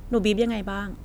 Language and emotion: Thai, frustrated